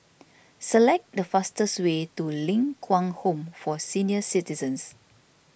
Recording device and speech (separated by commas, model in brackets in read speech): boundary microphone (BM630), read sentence